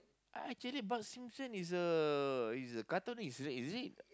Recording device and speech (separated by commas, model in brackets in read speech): close-talking microphone, conversation in the same room